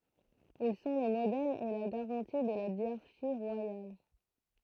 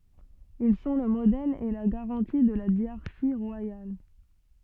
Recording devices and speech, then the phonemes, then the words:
throat microphone, soft in-ear microphone, read sentence
il sɔ̃ lə modɛl e la ɡaʁɑ̃ti də la djaʁʃi ʁwajal
Ils sont le modèle et la garantie de la dyarchie royale.

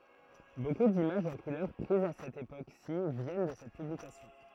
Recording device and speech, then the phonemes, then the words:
throat microphone, read sentence
boku dimaʒz ɑ̃ kulœʁ pʁizz a sɛt epoksi vjɛn də sɛt pyblikasjɔ̃
Beaucoup d'images en couleurs prises à cette époque-ci viennent de cette publication.

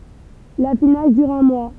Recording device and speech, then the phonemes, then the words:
temple vibration pickup, read sentence
lafinaʒ dyʁ œ̃ mwa
L'affinage dure un mois.

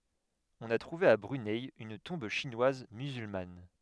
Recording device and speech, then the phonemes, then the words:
headset microphone, read sentence
ɔ̃n a tʁuve a bʁynɛ yn tɔ̃b ʃinwaz myzylman
On a trouvé à Brunei une tombe chinoise musulmane.

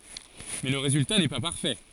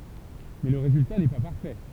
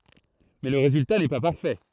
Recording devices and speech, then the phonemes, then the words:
forehead accelerometer, temple vibration pickup, throat microphone, read sentence
mɛ lə ʁezylta nɛ pa paʁfɛ
Mais le résultat n'est pas parfait.

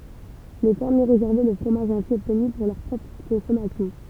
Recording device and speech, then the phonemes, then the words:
temple vibration pickup, read sentence
le fɛʁmje ʁezɛʁvɛ lə fʁomaʒ ɛ̃si ɔbtny puʁ lœʁ pʁɔpʁ kɔ̃sɔmasjɔ̃
Les fermiers réservaient le fromage ainsi obtenu pour leur propre consommation.

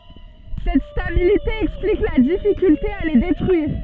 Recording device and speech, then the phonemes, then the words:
soft in-ear microphone, read sentence
sɛt stabilite ɛksplik la difikylte a le detʁyiʁ
Cette stabilité explique la difficulté à les détruire.

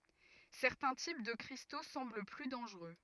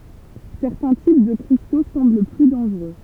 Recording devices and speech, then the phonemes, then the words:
rigid in-ear microphone, temple vibration pickup, read sentence
sɛʁtɛ̃ tip də kʁisto sɑ̃bl ply dɑ̃ʒʁø
Certains types de cristaux semblent plus dangereux.

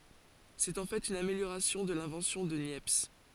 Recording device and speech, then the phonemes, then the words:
forehead accelerometer, read sentence
sɛt ɑ̃ fɛt yn ameljoʁasjɔ̃ də lɛ̃vɑ̃sjɔ̃ də njɛps
C'est en fait une amélioration de l'invention de Niepce.

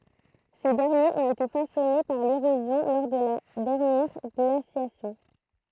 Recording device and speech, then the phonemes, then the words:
throat microphone, read sentence
se dɛʁnjez ɔ̃t ete fasɔne paʁ leʁozjɔ̃ lɔʁ də la dɛʁnjɛʁ ɡlasjasjɔ̃
Ces derniers ont été façonnés par l'érosion lors de la dernière glaciation.

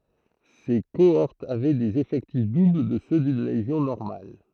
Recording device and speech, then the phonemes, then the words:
throat microphone, read sentence
se koɔʁtz avɛ dez efɛktif dubl də sø dyn leʒjɔ̃ nɔʁmal
Ses cohortes avaient des effectifs doubles de ceux d'une légion normale.

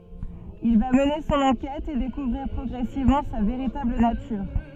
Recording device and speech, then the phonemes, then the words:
soft in-ear microphone, read sentence
il va məne sɔ̃n ɑ̃kɛt e dekuvʁiʁ pʁɔɡʁɛsivmɑ̃ sa veʁitabl natyʁ
Il va mener son enquête et découvrir progressivement sa véritable nature.

